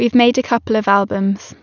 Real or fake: real